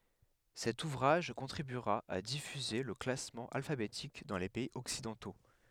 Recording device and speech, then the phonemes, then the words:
headset microphone, read sentence
sɛt uvʁaʒ kɔ̃tʁibyʁa a difyze lə klasmɑ̃ alfabetik dɑ̃ le pɛiz ɔksidɑ̃to
Cet ouvrage contribuera à diffuser le classement alphabétique dans les pays occidentaux.

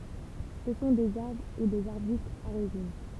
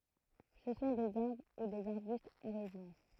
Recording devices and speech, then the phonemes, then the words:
temple vibration pickup, throat microphone, read sentence
sə sɔ̃ dez aʁbʁ u dez aʁbystz a ʁezin
Ce sont des arbres ou des arbustes à résine.

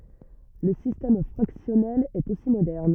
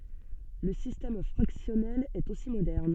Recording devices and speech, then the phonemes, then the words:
rigid in-ear microphone, soft in-ear microphone, read sentence
lə sistɛm fʁaksjɔnɛl ɛt osi modɛʁn
Le système fractionnel est aussi moderne.

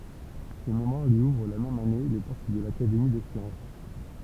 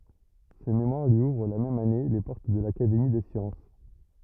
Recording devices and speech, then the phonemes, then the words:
temple vibration pickup, rigid in-ear microphone, read sentence
sə memwaʁ lyi uvʁ la mɛm ane le pɔʁt də lakademi de sjɑ̃s
Ce mémoire lui ouvre la même année les portes de l'Académie des sciences.

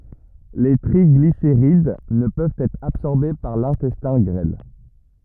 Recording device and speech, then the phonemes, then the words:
rigid in-ear microphone, read sentence
le tʁiɡliseʁid nə pøvt ɛtʁ absɔʁbe paʁ lɛ̃tɛstɛ̃ ɡʁɛl
Les triglycérides ne peuvent être absorbés par l'intestin grêle.

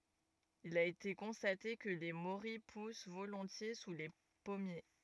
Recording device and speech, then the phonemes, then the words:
rigid in-ear microphone, read sentence
il a ete kɔ̃state kə le moʁij pus volɔ̃tje su le pɔmje
Il a été constaté que les morilles poussent volontiers sous les pommiers.

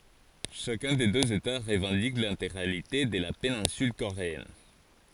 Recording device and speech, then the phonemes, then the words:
forehead accelerometer, read sentence
ʃakœ̃ de døz eta ʁəvɑ̃dik lɛ̃teɡʁalite də la penɛ̃syl koʁeɛn
Chacun des deux États revendique l’intégralité de la péninsule coréenne.

